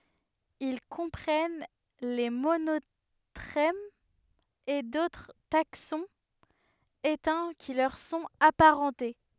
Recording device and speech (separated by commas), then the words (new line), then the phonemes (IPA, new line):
headset microphone, read sentence
Ils comprennent les monotrèmes et d'autres taxons éteints qui leur sont aparentées.
il kɔ̃pʁɛn le monotʁɛmz e dotʁ taksɔ̃z etɛ̃ ki lœʁ sɔ̃t apaʁɑ̃te